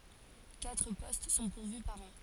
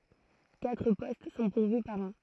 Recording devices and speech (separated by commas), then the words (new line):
forehead accelerometer, throat microphone, read sentence
Quatre postes sont pourvus par an.